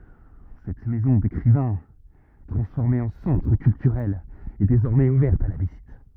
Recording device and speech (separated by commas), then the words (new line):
rigid in-ear microphone, read sentence
Cette maison d'écrivain, transformée en centre culturel, est désormais ouverte à la visite.